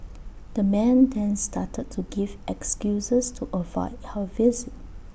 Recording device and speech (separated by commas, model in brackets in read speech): boundary microphone (BM630), read sentence